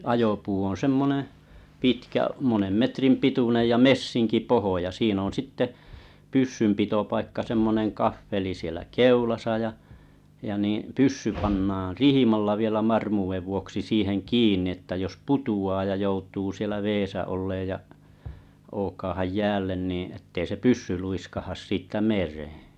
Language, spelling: Finnish, ajopuu on semmoinen pitkä monen metrin pituinen ja messinkipohja siinä on sitten pyssynpitopaikka semmoinen kahveli siellä keulassa ja ja niin pyssy pannaan rihmalla vielä varmuuden vuoksi siihen kiinni että jos putoaa ja joutuu siellä vedessä olemaan ja ookaamaan jäälle niin että ei se pyssy luiskahda siitä mereen
- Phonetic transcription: 'ajopuu oo̰ 'semmoneḛ , "pitkä monem 'metrim 'pitunej ja "messiŋki "pohoja "siin ‿on 'sitte , 'pyssympitopaikka 'semmoneŋ 'kaffeli sielä "keulasa ja , ja nii’ "pyssy 'pannaa "rihimalla vielä 'm̳armuuvev 'vuoksi 'siiheŋ "kiin̆ni ᵉttä jos "putu₍aa ja 'joutuu sielä "veesä 'olleej ja , 'ookaahaj 'jäällen niiḭ ettei se "pyssy luiskahas 'siittä 'mer̀ᴇᴇ .

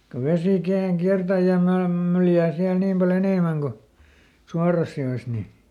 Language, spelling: Finnish, kun vesi kerran kiertää ja maan myljää siellä niin paljon enemmän kuin suorassa joessa niin
- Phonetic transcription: ko ˈvesì kerraŋ "kiärtä ja ˈmaam ˈmyljää siäl niim pa"l ‿enèmäŋ ko , ˈsuaras ˈjo₍es ni .

